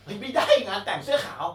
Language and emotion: Thai, happy